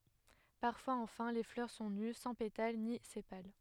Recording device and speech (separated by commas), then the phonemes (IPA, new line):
headset microphone, read sentence
paʁfwaz ɑ̃fɛ̃ le flœʁ sɔ̃ ny sɑ̃ petal ni sepal